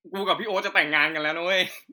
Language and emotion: Thai, happy